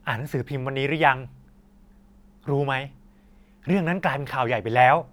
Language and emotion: Thai, happy